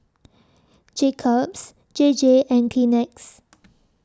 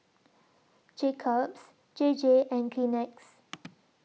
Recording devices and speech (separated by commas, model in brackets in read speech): standing microphone (AKG C214), mobile phone (iPhone 6), read sentence